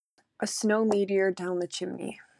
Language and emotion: English, sad